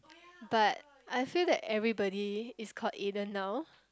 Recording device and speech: close-talking microphone, conversation in the same room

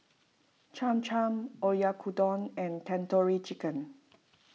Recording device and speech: mobile phone (iPhone 6), read sentence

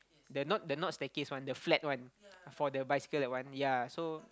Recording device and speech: close-talking microphone, conversation in the same room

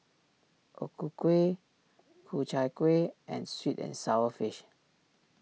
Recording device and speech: mobile phone (iPhone 6), read sentence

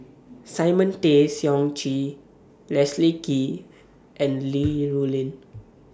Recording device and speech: standing microphone (AKG C214), read sentence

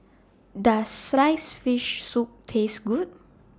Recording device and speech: standing microphone (AKG C214), read sentence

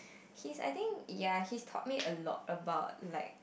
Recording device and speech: boundary microphone, conversation in the same room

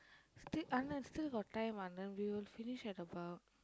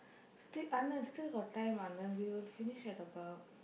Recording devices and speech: close-talking microphone, boundary microphone, conversation in the same room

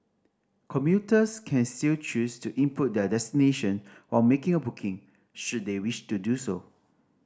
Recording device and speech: standing microphone (AKG C214), read sentence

